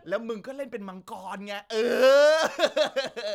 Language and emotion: Thai, happy